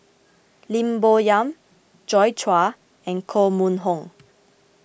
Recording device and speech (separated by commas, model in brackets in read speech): boundary microphone (BM630), read sentence